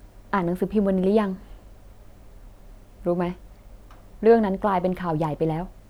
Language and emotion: Thai, frustrated